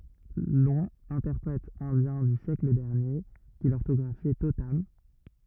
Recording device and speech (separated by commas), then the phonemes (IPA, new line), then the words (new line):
rigid in-ear microphone, read sentence
lɔ̃ ɛ̃tɛʁpʁɛt ɛ̃djɛ̃ dy sjɛkl dɛʁnje ki lɔʁtɔɡʁafjɛ totam
Long, interprète indien du siècle dernier, qui l’orthographiait totam.